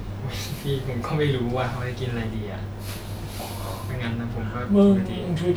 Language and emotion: Thai, frustrated